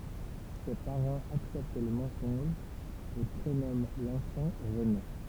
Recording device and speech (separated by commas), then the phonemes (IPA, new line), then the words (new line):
temple vibration pickup, read sentence
se paʁɑ̃z aksɛpt lə mɑ̃sɔ̃ʒ e pʁenɔmɑ̃ lɑ̃fɑ̃ ʁəne
Ses parents acceptent le mensonge et prénomment l'enfant René.